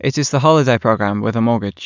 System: none